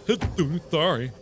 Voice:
dumb voice